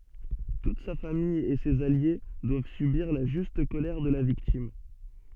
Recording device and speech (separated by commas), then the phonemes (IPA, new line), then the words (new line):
soft in-ear microphone, read sentence
tut sa famij e sez alje dwav sybiʁ la ʒyst kolɛʁ də la viktim
Toute sa famille et ses alliés doivent subir la juste colère de la victime.